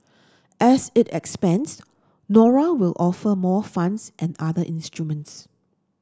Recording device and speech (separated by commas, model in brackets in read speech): standing microphone (AKG C214), read sentence